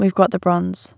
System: none